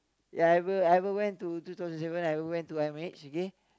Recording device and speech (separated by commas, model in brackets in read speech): close-talking microphone, conversation in the same room